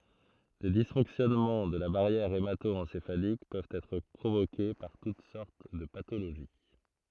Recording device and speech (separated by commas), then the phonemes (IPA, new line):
throat microphone, read sentence
le disfɔ̃ksjɔnmɑ̃ də la baʁjɛʁ emato ɑ̃sefalik pøvt ɛtʁ pʁovoke paʁ tut sɔʁt də patoloʒi